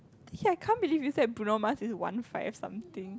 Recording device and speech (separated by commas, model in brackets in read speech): close-talking microphone, conversation in the same room